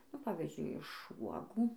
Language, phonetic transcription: Lithuanian, nu ˈpavizdžiui iš ˈvuogų

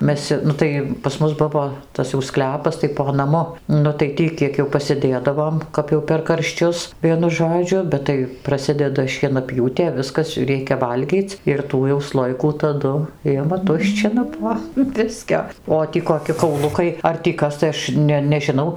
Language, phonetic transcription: Lithuanian, ˈmes ˈnu tai pas ˈmus ˈbuvo ˈtas jau ˈsklepas tai po naˈmu ˈnu tai ˈtį ˈkiek jau pasiˈdėdavom kap jau per karšˈčius ˈvienu ˈžodžiu ˈbet tai praˈsideda šienaˈpjūtė ˈviskas ˈreikia ˈvalgyc' ir ˈtų jau ˈslojikų taˈdu ˈima ˈtuščina po ˈbiskio o ˈtį koˈki kauˈlukai ar tį ˈkas tai ˈaš ne nežiˈnau

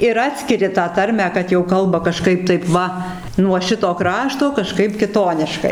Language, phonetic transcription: Lithuanian, ir ˈatskiri tą ˈtarmę kad jau ˈkalba kaˈžkaip ˈtaip ˈva nuo ˈšito ˈkrašto kaˈžkaip kiˈtoniškai

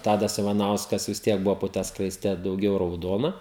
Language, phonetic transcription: Lithuanian, ˈtadas ivaˈnauskas vis ˈtiek ˈbuvo po ˈtą skraisˈte dauˈgiau rauˈdona

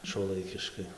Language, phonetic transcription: Lithuanian, šuoˈlaikiškai

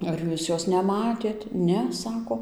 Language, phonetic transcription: Lithuanian, ar ˈjūs ˈjos neˈmatėt ˈne ˈsako

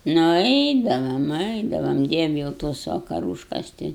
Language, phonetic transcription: Lithuanian, nu ˈeidavam ˈeidavam ˈdievi jau ˈtos vakaˈrūškas ˈti

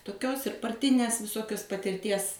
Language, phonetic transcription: Lithuanian, toˈkios ir parˈtinės viˈsokios patirˈties

